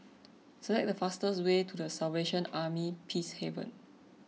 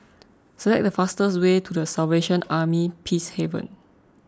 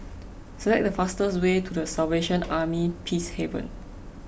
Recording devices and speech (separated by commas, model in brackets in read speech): mobile phone (iPhone 6), close-talking microphone (WH20), boundary microphone (BM630), read sentence